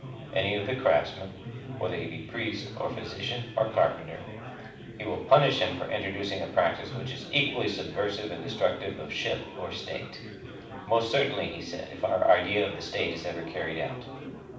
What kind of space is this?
A moderately sized room (about 5.7 m by 4.0 m).